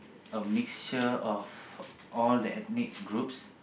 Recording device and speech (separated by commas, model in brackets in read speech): boundary microphone, conversation in the same room